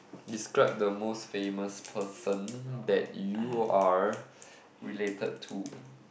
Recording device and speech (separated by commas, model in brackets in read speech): boundary microphone, conversation in the same room